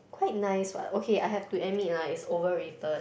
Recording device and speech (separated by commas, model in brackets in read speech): boundary microphone, conversation in the same room